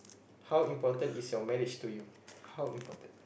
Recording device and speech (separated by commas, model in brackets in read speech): boundary microphone, conversation in the same room